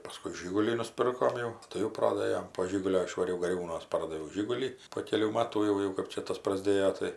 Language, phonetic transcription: Lithuanian, paˈskui ˈžigulį nuˈspirkom jau ˈtai jau ˈprodɘjom po ˈžigulio išvaˈriau gaˈriūnuos ˈpardaviau ˈžigulį po ˈkelių ˈmatų jau ˈjau kap ˈčia ˈtas praˈsdėjo tai

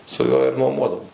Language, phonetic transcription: Lithuanian, su ˈjuo ir nuoˈmuodavom

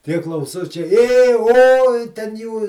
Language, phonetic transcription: Lithuanian, tie klauˈsučiai ė oj ten ˈjų

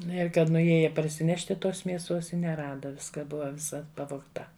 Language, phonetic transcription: Lithuanian, ˈnu ir ˈkad nuˈjieja parsiˈnešti ˈtos mieˈsuos i neˈrada ˈviską ˈbuva viˈsa pavogˈta

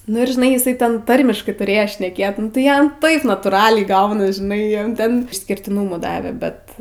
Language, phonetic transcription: Lithuanian, ˈnu ir žiˈnai iˈsai ˈten ˈtarmiškai tuˈrėjo šneˈkėt nu tai ˈjam ˈtaip natūˈraliai ˈgaunas žiˈnai ˈjam ˈten išskirtiˈnūmu ˈdave ˈbet

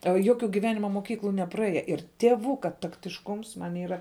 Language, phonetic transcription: Lithuanian, a ˈjoˌkiu giˈvenima moˈkyklu nepraˈėje ir tieˈvuka taktišˈkums ˈman' ˈyra

